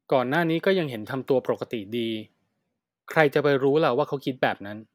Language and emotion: Thai, neutral